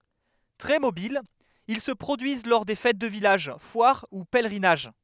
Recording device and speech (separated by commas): headset microphone, read sentence